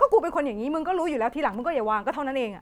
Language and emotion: Thai, angry